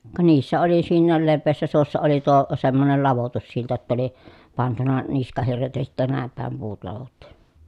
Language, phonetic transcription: Finnish, ka niissä oli siinnääl levveessä suossa oli tuo , semmonel lavotussilta ‿tta oli , pantuna , niskahirret ja sittä nä̀em pä̀em puut lavottU .
- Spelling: ka niissä oli siinä leveässä suossa oli tuo semmoinen ladotussilta jotta oli pantu niskahirret ja sitten näin päin puut ladottu

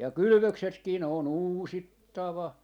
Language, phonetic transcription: Finnish, ja "kylʸvöksetkii ne on "uusittava ,.
- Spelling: ja kylvöksetkin ne on uusittava

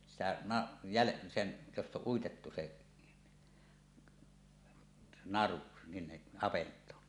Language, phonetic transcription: Finnish, sitä na- , jäle- , sem- , jost ‿oˀ ˀuitettu se , "naru , 'sinneˀ 'ˀavent̀oon .
- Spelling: sitä - - - josta on uitettu se naru sinne avantoon

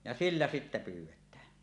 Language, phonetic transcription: Finnish, ja 'siliä sittä 'pyw̆wettää .
- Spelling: ja sillä sitten pyydetään

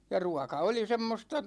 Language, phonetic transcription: Finnish, ja "ruaka oli 'semmosta ,.
- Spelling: ja ruoka oli semmoista

